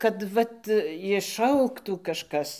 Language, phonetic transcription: Lithuanian, kad ˈvat išˈaugtų ˈkažkas

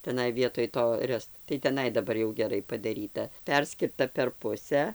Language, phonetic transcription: Lithuanian, teˈnai vietoj ˈto ˈrest tai teˈnai daˈbar jau geˈrai padaˈryta ˈperskirta per ˈpusę

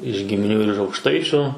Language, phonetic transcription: Lithuanian, iž gimiˈnių ir iž aukˈštaičiu

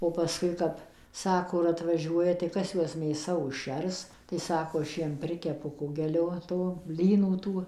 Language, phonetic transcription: Lithuanian, o paˈskui ˈkap ˈsako ir atvaˈžiuoja tai ˈkas ˈjuos mėˈsa užˈšers tai ˈsako ˈaš ˈjiem ˈprikepu ˈkugelio ˈto ˈblynų ˈtų

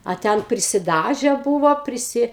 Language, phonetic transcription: Lithuanian, a ˈten prisiˈdaže ˈbūvo priˈsi

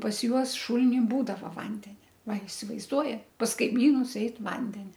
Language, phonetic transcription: Lithuanian, pas ˈjuos ˈšulini ˈbūdava ˈvandenia ˈva isivaizˈduoja pas kaiˈmynus ˈeit ˈvandenia

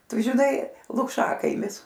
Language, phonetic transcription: Lithuanian, ˈtu žiˈnai lukˈšakaimis

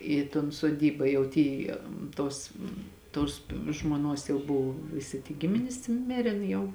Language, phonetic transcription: Lithuanian, ˈį ton soˈdyba jau ˈty ˈtos tos žmoˈnuos jau ˈbuv viˈsi ty ˈgiminis ˈmėrėn jau

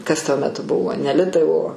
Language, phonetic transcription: Lithuanian, ˈkas tuo meˈtu ˈbuvo ne ˈlitai o

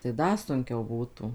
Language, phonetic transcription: Lithuanian, tai ˈda sunˈkiau ˈbūtų

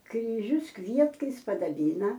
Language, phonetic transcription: Lithuanian, kryˈžius ˈkvietkais padaˈbyna

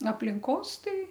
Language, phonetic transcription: Lithuanian, aplinˈkos ˈtai

